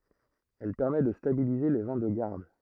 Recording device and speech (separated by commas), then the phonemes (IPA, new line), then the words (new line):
throat microphone, read sentence
ɛl pɛʁmɛ də stabilize le vɛ̃ də ɡaʁd
Elle permet de stabiliser les vins de garde.